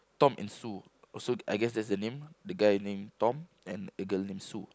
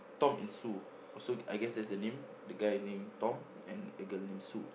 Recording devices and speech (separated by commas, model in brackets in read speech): close-talking microphone, boundary microphone, conversation in the same room